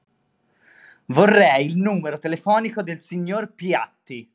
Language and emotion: Italian, angry